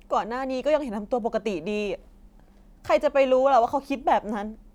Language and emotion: Thai, sad